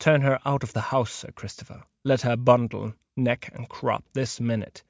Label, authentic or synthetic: authentic